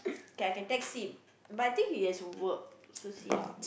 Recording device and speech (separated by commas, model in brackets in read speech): boundary microphone, conversation in the same room